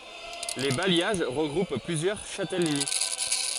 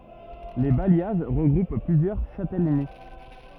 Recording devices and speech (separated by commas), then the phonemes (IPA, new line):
forehead accelerometer, rigid in-ear microphone, read sentence
le bajjaʒ ʁəɡʁup plyzjœʁ ʃatɛləni